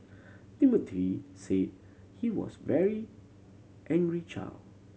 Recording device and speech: mobile phone (Samsung C7100), read sentence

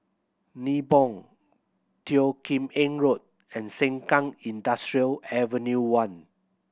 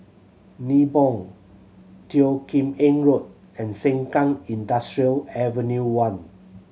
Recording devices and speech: boundary microphone (BM630), mobile phone (Samsung C7100), read sentence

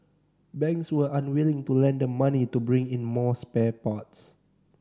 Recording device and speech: standing microphone (AKG C214), read sentence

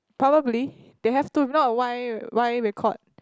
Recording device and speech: close-talking microphone, conversation in the same room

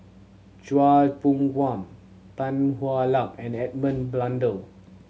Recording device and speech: mobile phone (Samsung C7100), read sentence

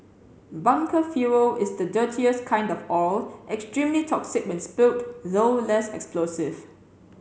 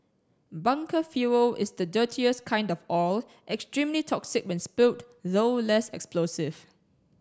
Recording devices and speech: mobile phone (Samsung C7), standing microphone (AKG C214), read sentence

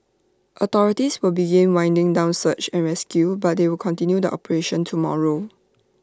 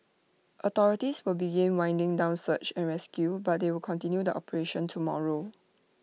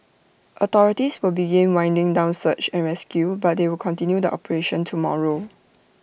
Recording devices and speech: standing microphone (AKG C214), mobile phone (iPhone 6), boundary microphone (BM630), read sentence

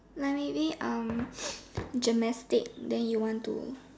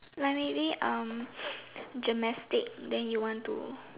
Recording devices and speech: standing microphone, telephone, conversation in separate rooms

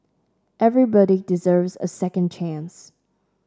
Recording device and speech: standing microphone (AKG C214), read sentence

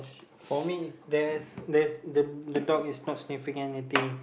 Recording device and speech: boundary microphone, conversation in the same room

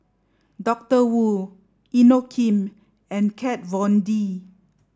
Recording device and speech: standing microphone (AKG C214), read sentence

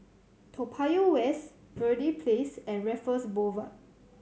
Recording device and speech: mobile phone (Samsung C7100), read sentence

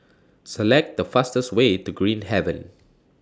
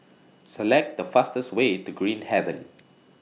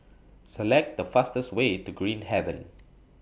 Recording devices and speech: standing microphone (AKG C214), mobile phone (iPhone 6), boundary microphone (BM630), read sentence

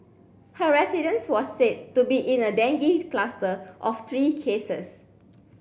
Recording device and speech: boundary microphone (BM630), read sentence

